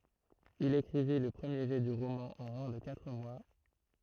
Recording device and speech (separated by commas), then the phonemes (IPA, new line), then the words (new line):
throat microphone, read sentence
il ekʁivi lə pʁəmje ʒɛ dy ʁomɑ̃ ɑ̃ mwɛ̃ də katʁ mwa
Il écrivit le premier jet du roman en moins de quatre mois.